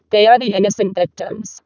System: VC, vocoder